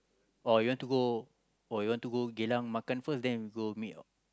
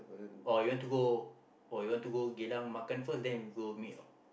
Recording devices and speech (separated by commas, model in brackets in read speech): close-talking microphone, boundary microphone, conversation in the same room